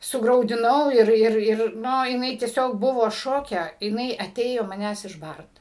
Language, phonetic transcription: Lithuanian, sugraudiˈnau ˈir ˈir ˈir ˈnu jiˈnai tieˈsiog ˈbuvo ˈšoke jiˈnai aˈtėjo maˈnęs išˈbart

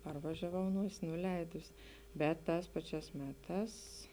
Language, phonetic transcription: Lithuanian, ˈparvažiaˌvau ˈnuosi nuˈleidusi ˈbet ˈtās ˈpaˌčiās ˈmeˌtās

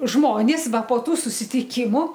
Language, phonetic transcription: Lithuanian, ˈžmonės ˈva po ˈtų susitiˈkimu

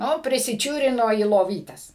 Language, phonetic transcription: Lithuanian, ˈnu prisiˈčiūrino į loˈvytes

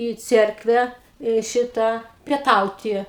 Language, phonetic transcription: Lithuanian, į ˈcerkvę į ˈšitą pieˈtauti

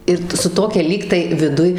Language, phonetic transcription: Lithuanian, ˈir ta su ˈtokia ˈlygtai viˈduj

